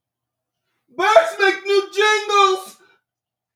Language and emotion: English, fearful